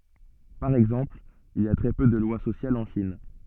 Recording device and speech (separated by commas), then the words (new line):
soft in-ear microphone, read sentence
Par exemple, il y a très peu de lois sociales en Chine.